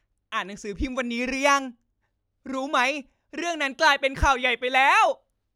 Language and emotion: Thai, happy